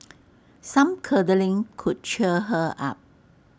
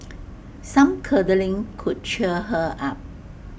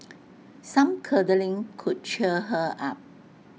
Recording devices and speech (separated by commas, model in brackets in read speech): standing microphone (AKG C214), boundary microphone (BM630), mobile phone (iPhone 6), read sentence